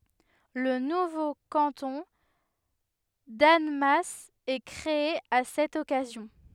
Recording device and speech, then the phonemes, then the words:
headset microphone, read sentence
lə nuvo kɑ̃tɔ̃ danmas ɛ kʁee a sɛt ɔkazjɔ̃
Le nouveau canton d'Annemasse est créé à cette occasion.

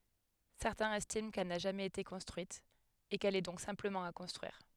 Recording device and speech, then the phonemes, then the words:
headset microphone, read sentence
sɛʁtɛ̃z ɛstim kɛl na ʒamɛz ete kɔ̃stʁyit e kɛl ɛ dɔ̃k sɛ̃pləmɑ̃ a kɔ̃stʁyiʁ
Certains estiment qu'elle n'a jamais été construite, et qu'elle est donc simplement à construire.

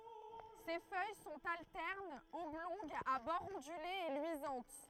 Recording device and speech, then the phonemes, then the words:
throat microphone, read sentence
se fœj sɔ̃t altɛʁnz ɔblɔ̃ɡz a bɔʁz ɔ̃dylez e lyizɑ̃t
Ses feuilles sont alternes, oblongues, à bords ondulés et luisantes.

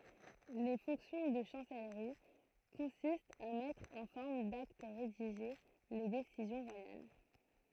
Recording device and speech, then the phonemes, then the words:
throat microphone, read sentence
le fɔ̃ksjɔ̃ də ʃɑ̃sɛlʁi kɔ̃sistt a mɛtʁ ɑ̃ fɔʁm dakt ʁediʒe le desizjɔ̃ ʁwajal
Les fonctions de chancellerie consistent à mettre en forme d'acte rédigé les décisions royales.

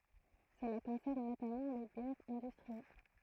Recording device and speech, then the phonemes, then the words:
throat microphone, read sentence
səla kɔ̃sɛʁn notamɑ̃ le bjɛʁz ɛ̃dystʁiɛl
Cela concerne notamment les bières industrielles.

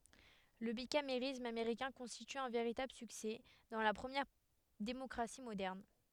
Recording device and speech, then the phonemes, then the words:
headset microphone, read sentence
lə bikameʁism ameʁikɛ̃ kɔ̃stity œ̃ veʁitabl syksɛ dɑ̃ la pʁəmjɛʁ demɔkʁasi modɛʁn
Le bicamérisme américain constitue un véritable succès dans la première démocratie moderne.

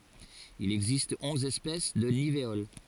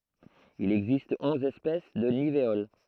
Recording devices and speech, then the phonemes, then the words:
forehead accelerometer, throat microphone, read sentence
il ɛɡzist ɔ̃z ɛspɛs də niveol
Il existe onze espèces de nivéoles.

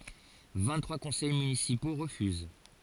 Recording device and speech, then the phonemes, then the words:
forehead accelerometer, read sentence
vɛ̃ɡtʁwa kɔ̃sɛj mynisipo ʁəfyz
Vingt-trois conseils municipaux refusent.

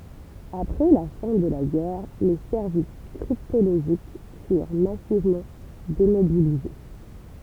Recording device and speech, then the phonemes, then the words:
temple vibration pickup, read sentence
apʁɛ la fɛ̃ də la ɡɛʁ le sɛʁvis kʁiptoloʒik fyʁ masivmɑ̃ demobilize
Après la fin de la guerre, les services cryptologiques furent massivement démobilisés.

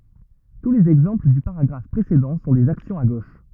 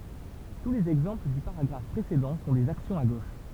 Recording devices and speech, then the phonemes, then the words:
rigid in-ear microphone, temple vibration pickup, read sentence
tu lez ɛɡzɑ̃pl dy paʁaɡʁaf pʁesedɑ̃ sɔ̃ dez aksjɔ̃z a ɡoʃ
Tous les exemples du paragraphe précédent sont des actions à gauche.

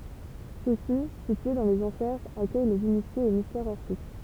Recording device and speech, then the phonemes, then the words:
temple vibration pickup, read sentence
søksi sitye dɑ̃ lez ɑ̃fɛʁz akœj lez inisjez o mistɛʁz ɔʁfik
Ceux-ci, situés dans les Enfers, accueillent les initiés aux mystères orphiques.

